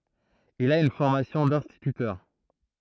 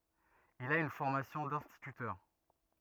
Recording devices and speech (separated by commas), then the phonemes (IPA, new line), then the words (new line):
throat microphone, rigid in-ear microphone, read sentence
il a yn fɔʁmasjɔ̃ dɛ̃stitytœʁ
Il a une formation d'instituteur.